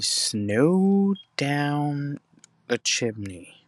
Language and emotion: English, fearful